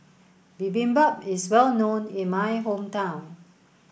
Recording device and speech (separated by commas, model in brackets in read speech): boundary microphone (BM630), read sentence